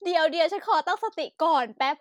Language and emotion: Thai, happy